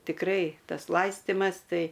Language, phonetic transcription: Lithuanian, tikˈrai ˈtas ˈlaistimas ˈtai

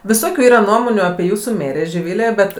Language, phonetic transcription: Lithuanian, viˈsokiu ˈyra ˈnuomonių apie ˈjūsu ˈmėrė žiˈvilė ˈbet

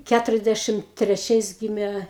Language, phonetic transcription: Lithuanian, ˈkæturiasˌdæšim treˈčiais ˈgyme

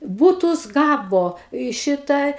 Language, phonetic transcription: Lithuanian, ˈbūtus ˈgavo i ˈšita

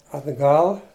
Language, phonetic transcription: Lithuanian, atˈgal

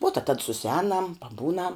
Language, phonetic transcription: Lithuanian, vuo ta tad susiˈēnam paˈbūnam

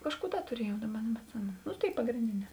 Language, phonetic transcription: Lithuanian, ˈkažˌkų ˈda tuˈriejau ˈdaˌba nebetˈsimenu nu ˈtėi pagrėnˈdėˌnē

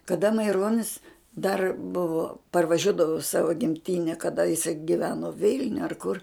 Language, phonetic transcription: Lithuanian, kada maiˈronis dar ˈbuvo parvaˈžiuodavu i ˈsavo gimˈtine kaˈda jiˈsai giˈveno ˈvilniu ar kur

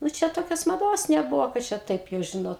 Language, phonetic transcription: Lithuanian, nu ˈčia ˈtokios maˈdos neˈbuvo kad ˈčia ˈtaip jau ˈžinot

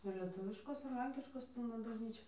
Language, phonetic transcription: Lithuanian, ir leˈtuviškos ir ˈlenkiškos ˈpilna bažˈnyčia

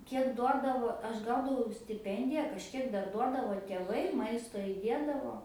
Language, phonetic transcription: Lithuanian, ˈkiek ˈduodavo ˈaš ˈgaudavau stiˈpendija kažˈkiek ˈdar ˈduodavo tėˈvai ˈmaisto iˈdėdavo

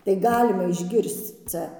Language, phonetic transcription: Lithuanian, tai ˈgalima išˈgirsc ˈcia

